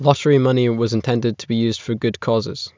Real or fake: real